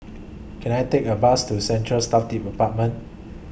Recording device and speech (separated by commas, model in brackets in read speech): boundary microphone (BM630), read sentence